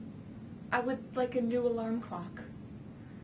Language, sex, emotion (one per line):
English
female
neutral